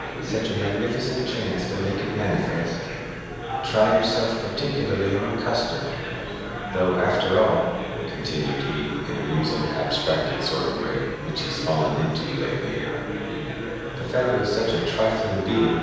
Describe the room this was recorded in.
A very reverberant large room.